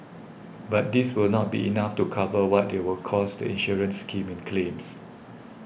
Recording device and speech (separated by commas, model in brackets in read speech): boundary microphone (BM630), read sentence